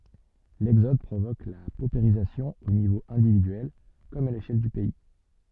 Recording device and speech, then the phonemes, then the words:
soft in-ear microphone, read sentence
lɛɡzɔd pʁovok la popeʁizasjɔ̃ o nivo ɛ̃dividyɛl kɔm a leʃɛl dy pɛi
L'exode provoque la paupérisation au niveau individuel, comme à l'échelle du pays.

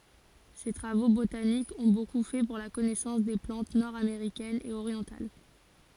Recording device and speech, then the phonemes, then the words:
forehead accelerometer, read sentence
se tʁavo botanikz ɔ̃ boku fɛ puʁ la kɔnɛsɑ̃s de plɑ̃t nɔʁdameʁikɛnz e oʁjɑ̃tal
Ses travaux botaniques ont beaucoup fait pour la connaissance des plantes nord-américaines et orientales.

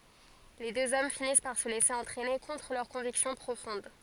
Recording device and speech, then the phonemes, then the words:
forehead accelerometer, read sentence
le døz ɔm finis paʁ sə lɛse ɑ̃tʁɛne kɔ̃tʁ lœʁ kɔ̃viksjɔ̃ pʁofɔ̃d
Les deux hommes finissent par se laisser entraîner contre leur conviction profonde.

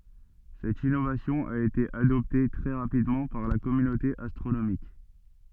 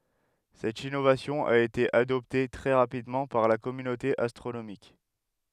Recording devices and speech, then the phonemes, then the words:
soft in-ear microphone, headset microphone, read sentence
sɛt inovasjɔ̃ a ete adɔpte tʁɛ ʁapidmɑ̃ paʁ la kɔmynote astʁonomik
Cette innovation a été adoptée très rapidement par la communauté astronomique.

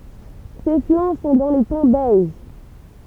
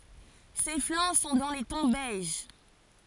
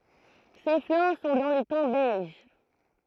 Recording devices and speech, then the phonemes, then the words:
temple vibration pickup, forehead accelerometer, throat microphone, read sentence
se flɑ̃ sɔ̃ dɑ̃ le tɔ̃ bɛʒ
Ses flancs sont dans les tons beige.

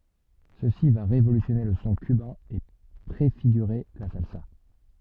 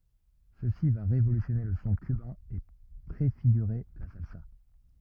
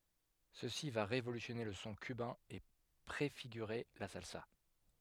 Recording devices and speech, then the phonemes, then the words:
soft in-ear microphone, rigid in-ear microphone, headset microphone, read sentence
səsi va ʁevolysjɔne lə sɔ̃ kybɛ̃ e pʁefiɡyʁe la salsa
Ceci va révolutionner le son cubain et préfigurer la salsa.

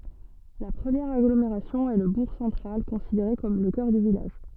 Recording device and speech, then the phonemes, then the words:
soft in-ear microphone, read sentence
la pʁəmjɛʁ aɡlomeʁasjɔ̃ ɛ lə buʁ sɑ̃tʁal kɔ̃sideʁe kɔm lə kœʁ dy vilaʒ
La première agglomération est le bourg central, considéré comme le cœur du village.

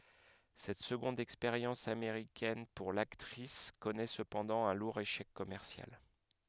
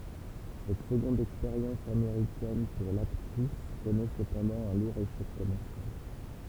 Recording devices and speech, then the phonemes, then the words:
headset microphone, temple vibration pickup, read sentence
sɛt səɡɔ̃d ɛkspeʁjɑ̃s ameʁikɛn puʁ laktʁis kɔnɛ səpɑ̃dɑ̃ œ̃ luʁ eʃɛk kɔmɛʁsjal
Cette seconde expérience américaine pour l'actrice connaît cependant un lourd échec commercial.

